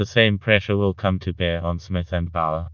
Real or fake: fake